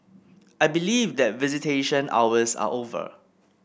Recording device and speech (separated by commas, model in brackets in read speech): boundary microphone (BM630), read sentence